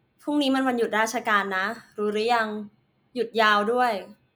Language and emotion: Thai, neutral